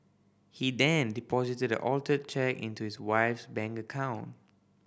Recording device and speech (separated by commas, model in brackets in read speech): boundary microphone (BM630), read sentence